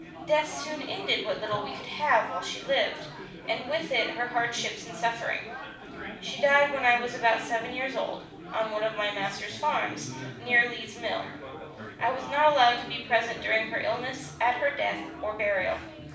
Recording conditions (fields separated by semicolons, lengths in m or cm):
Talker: one person; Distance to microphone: 5.8 m; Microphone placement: far; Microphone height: 1.8 m; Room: medium-sized (5.7 m by 4.0 m); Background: babble